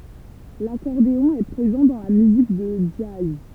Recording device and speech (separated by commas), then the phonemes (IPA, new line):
temple vibration pickup, read sentence
lakɔʁdeɔ̃ ɛ pʁezɑ̃ dɑ̃ la myzik də dʒaz